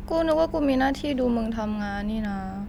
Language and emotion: Thai, sad